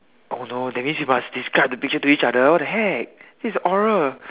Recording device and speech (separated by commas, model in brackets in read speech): telephone, conversation in separate rooms